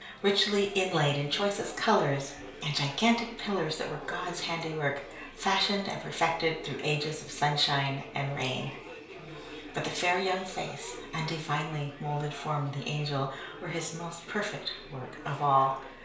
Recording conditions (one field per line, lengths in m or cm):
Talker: one person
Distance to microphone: 1.0 m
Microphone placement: close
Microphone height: 1.1 m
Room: small (3.7 m by 2.7 m)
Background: babble